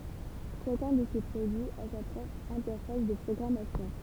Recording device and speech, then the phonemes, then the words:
temple vibration pickup, read sentence
ʃakœ̃ də se pʁodyiz a sa pʁɔpʁ ɛ̃tɛʁfas də pʁɔɡʁamasjɔ̃
Chacun de ces produits a sa propre interface de programmation.

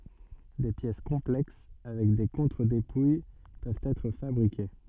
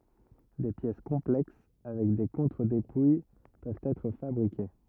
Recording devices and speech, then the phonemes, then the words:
soft in-ear microphone, rigid in-ear microphone, read sentence
de pjɛs kɔ̃plɛks avɛk de kɔ̃tʁədepuj pøvt ɛtʁ fabʁike
Des pièces complexes avec des contre-dépouilles peuvent être fabriquées.

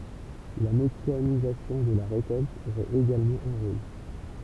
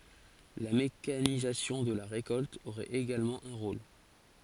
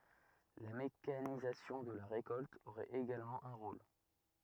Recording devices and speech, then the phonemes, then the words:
temple vibration pickup, forehead accelerometer, rigid in-ear microphone, read sentence
la mekanizasjɔ̃ də la ʁekɔlt oʁɛt eɡalmɑ̃ œ̃ ʁol
La mécanisation de la récolte aurait également un rôle.

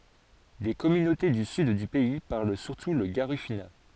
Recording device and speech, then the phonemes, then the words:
forehead accelerometer, read sentence
de kɔmynote dy syd dy pɛi paʁl syʁtu lə ɡaʁifyna
Des communautés du sud du pays parlent surtout le garifuna.

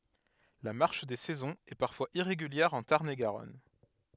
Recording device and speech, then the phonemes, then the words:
headset microphone, read sentence
la maʁʃ de sɛzɔ̃z ɛ paʁfwaz iʁeɡyljɛʁ ɑ̃ taʁn e ɡaʁɔn
La marche des saisons est parfois irrégulière en Tarn-et-Garonne.

